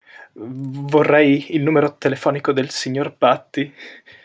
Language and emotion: Italian, fearful